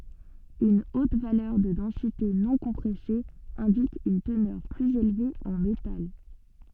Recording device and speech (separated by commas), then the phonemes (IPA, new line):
soft in-ear microphone, read sentence
yn ot valœʁ də dɑ̃site nɔ̃kɔ̃pʁɛse ɛ̃dik yn tənœʁ plyz elve ɑ̃ metal